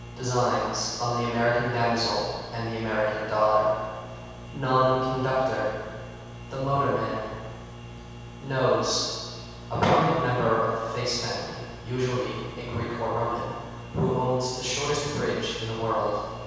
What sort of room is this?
A big, very reverberant room.